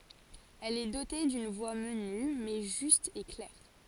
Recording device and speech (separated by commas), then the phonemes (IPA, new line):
forehead accelerometer, read sentence
ɛl ɛ dote dyn vwa məny mɛ ʒyst e klɛʁ